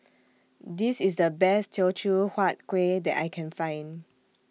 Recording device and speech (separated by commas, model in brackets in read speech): mobile phone (iPhone 6), read sentence